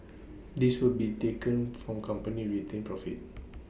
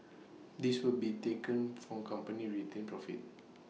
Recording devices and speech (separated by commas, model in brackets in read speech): boundary microphone (BM630), mobile phone (iPhone 6), read sentence